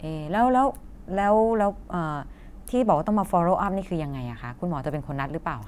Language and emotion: Thai, neutral